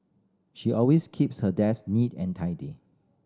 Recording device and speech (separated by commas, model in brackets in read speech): standing microphone (AKG C214), read sentence